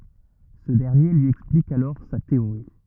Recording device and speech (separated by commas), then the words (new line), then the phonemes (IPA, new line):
rigid in-ear microphone, read sentence
Ce dernier lui explique alors sa théorie.
sə dɛʁnje lyi ɛksplik alɔʁ sa teoʁi